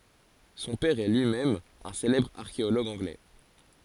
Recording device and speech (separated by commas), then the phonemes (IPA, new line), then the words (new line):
forehead accelerometer, read sentence
sɔ̃ pɛʁ ɛ lyi mɛm œ̃ selɛbʁ aʁkeoloɡ ɑ̃ɡlɛ
Son père est lui-même un célèbre archéologue anglais.